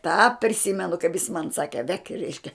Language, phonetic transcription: Lithuanian, tą priˈsimenu kaip jis man ˈsake vek' ˈreiškia

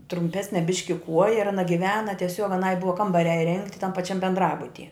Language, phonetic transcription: Lithuanian, trumˈpesne ˈbiški ˈkuoja ir aˈna giˈvena tieˈsiog aˈnai ˈbuva ˈkambariā iˈrengti tam paˈčiam bendˈrabutie

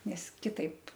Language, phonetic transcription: Lithuanian, nes kiˈtaip

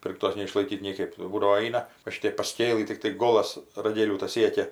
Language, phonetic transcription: Lithuanian, ˈpirktos neišlaiˈkyt nieˈkaip jau ˈbūdavo ˈaina va ˈšiteip paˈskėlɨ tikˈtai ˈgolas raˈgėlių tas ˈsiekia

